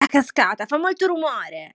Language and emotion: Italian, angry